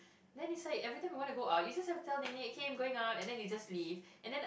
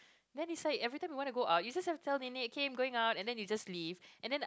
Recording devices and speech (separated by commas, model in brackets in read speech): boundary microphone, close-talking microphone, conversation in the same room